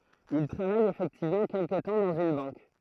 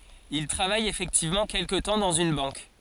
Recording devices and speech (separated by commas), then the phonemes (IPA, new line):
throat microphone, forehead accelerometer, read sentence
il tʁavaj efɛktivmɑ̃ kɛlkə tɑ̃ dɑ̃z yn bɑ̃k